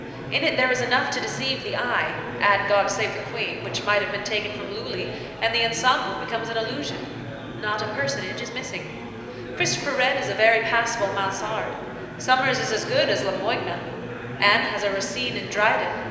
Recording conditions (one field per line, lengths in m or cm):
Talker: one person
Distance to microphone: 1.7 m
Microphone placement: close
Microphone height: 1.0 m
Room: very reverberant, large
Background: babble